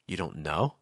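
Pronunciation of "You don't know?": In 'You don't know?', the pitch starts at a middle level, goes down, and then finishes higher.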